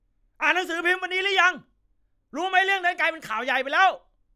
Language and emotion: Thai, angry